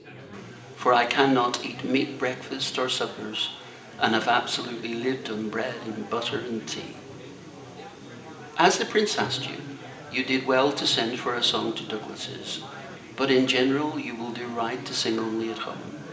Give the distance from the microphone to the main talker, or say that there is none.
1.8 m.